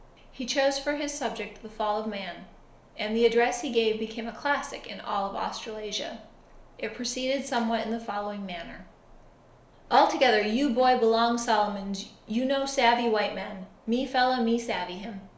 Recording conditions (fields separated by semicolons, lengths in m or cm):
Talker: one person; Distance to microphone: 1.0 m; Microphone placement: close; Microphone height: 1.1 m; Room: small (3.7 m by 2.7 m); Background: none